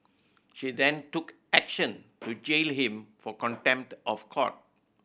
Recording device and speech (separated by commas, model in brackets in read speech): boundary microphone (BM630), read sentence